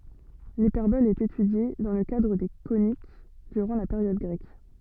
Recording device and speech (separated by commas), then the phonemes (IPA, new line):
soft in-ear microphone, read sentence
lipɛʁbɔl ɛt etydje dɑ̃ lə kadʁ de konik dyʁɑ̃ la peʁjɔd ɡʁɛk